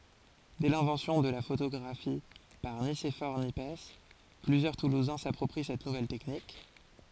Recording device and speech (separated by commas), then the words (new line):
forehead accelerometer, read sentence
Dès l'invention de la photographie par Nicéphore Niepce, plusieurs toulousains s'approprient cette nouvelle technique.